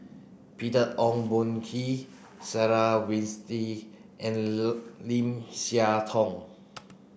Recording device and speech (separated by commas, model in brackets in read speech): boundary microphone (BM630), read sentence